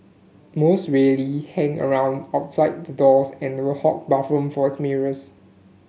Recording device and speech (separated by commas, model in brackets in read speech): mobile phone (Samsung S8), read sentence